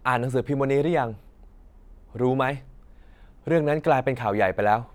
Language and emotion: Thai, frustrated